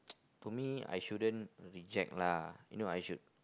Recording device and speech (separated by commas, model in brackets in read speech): close-talking microphone, conversation in the same room